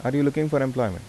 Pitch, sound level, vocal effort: 135 Hz, 82 dB SPL, normal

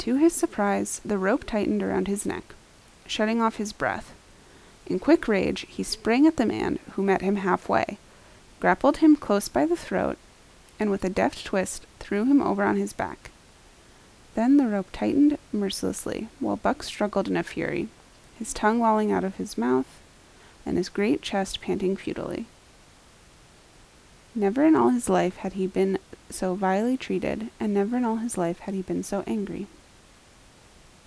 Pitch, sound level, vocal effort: 205 Hz, 77 dB SPL, soft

